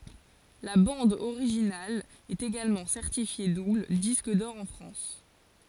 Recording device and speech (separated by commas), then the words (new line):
forehead accelerometer, read sentence
La bande originale est également certifiée double disque d'or en France.